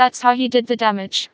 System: TTS, vocoder